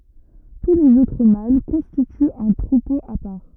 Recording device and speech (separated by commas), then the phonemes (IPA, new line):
rigid in-ear microphone, read sentence
tu lez otʁ mal kɔ̃stityt œ̃ tʁupo a paʁ